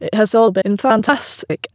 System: TTS, waveform concatenation